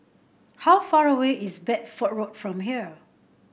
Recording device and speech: boundary microphone (BM630), read sentence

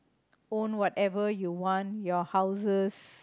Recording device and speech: close-talking microphone, conversation in the same room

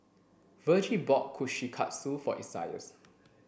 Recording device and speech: boundary microphone (BM630), read sentence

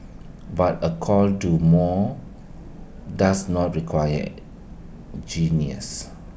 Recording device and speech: boundary microphone (BM630), read sentence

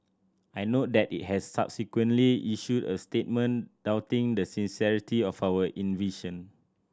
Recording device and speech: standing microphone (AKG C214), read sentence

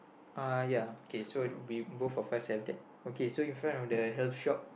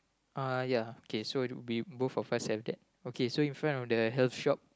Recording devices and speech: boundary microphone, close-talking microphone, conversation in the same room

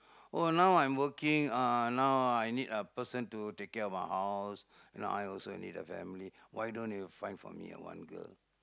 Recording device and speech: close-talking microphone, conversation in the same room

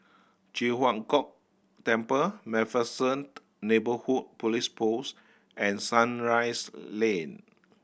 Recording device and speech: boundary microphone (BM630), read sentence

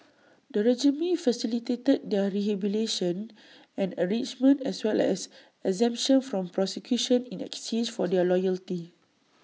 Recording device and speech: mobile phone (iPhone 6), read sentence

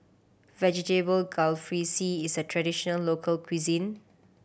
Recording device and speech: boundary microphone (BM630), read sentence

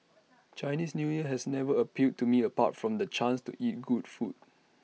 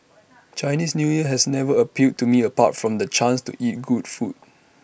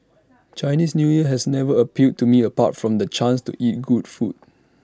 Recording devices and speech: mobile phone (iPhone 6), boundary microphone (BM630), standing microphone (AKG C214), read sentence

